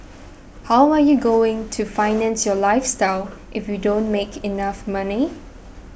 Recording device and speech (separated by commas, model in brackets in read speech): boundary microphone (BM630), read sentence